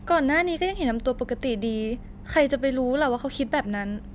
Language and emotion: Thai, neutral